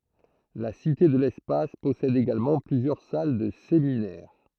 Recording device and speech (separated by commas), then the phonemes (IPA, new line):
throat microphone, read sentence
la site də lɛspas pɔsɛd eɡalmɑ̃ plyzjœʁ sal də seminɛʁ